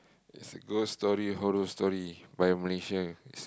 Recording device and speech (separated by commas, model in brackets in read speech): close-talking microphone, conversation in the same room